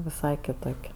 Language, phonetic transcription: Lithuanian, viˈsai kiˈtok'

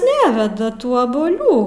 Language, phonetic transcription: Lithuanian, ˈneveda ˈtų abuoˈlių

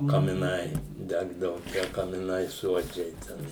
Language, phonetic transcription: Lithuanian, kamiˈnai ˈdegdavu tie kamiˈnai ˈsuodžiai ˈten

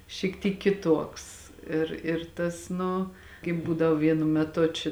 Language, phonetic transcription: Lithuanian, šyk ˈtyk kiˈtuoks ˈir ir ˈtas ˈnu kaip ˈbūdavo ˈvienu meˈtu či

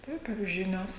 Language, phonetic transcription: Lithuanian, ˈtaip ir ˈžinios

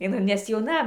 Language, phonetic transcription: Lithuanian, iˈnai nes jauˈna

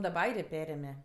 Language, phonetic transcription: Lithuanian, daˈba ˈairė ˈperėme

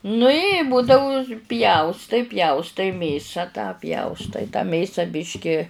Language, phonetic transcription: Lithuanian, nu i ˈbudau ˈpjaustai ˈpjaustai ˈmėsa tą ˈpjaustai tą ˈmėsa ˈbiški

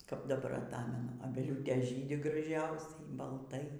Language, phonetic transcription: Lithuanian, kap daˈbar aˈtamenu aˈbeliūtės ˈžydi graˈžiausiai balˈtai

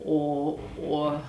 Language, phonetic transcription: Lithuanian, ˈo ˈuo

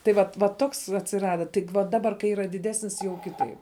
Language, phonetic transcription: Lithuanian, tai ˈvat va ˈtoks atsiˈrada ˈtik va ˈdabar kai ˈyra diˈdesnis jau ˈkitaip

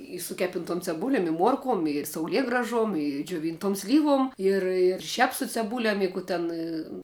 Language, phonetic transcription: Lithuanian, i su ˈkepintuom ceˈbulem i ˈmuorkuom ir sauˈliegražuom i džioˈvyntuom ˈslyvuom ˈir ir ˈšiap su ceˈbūlem i ˈkų ten

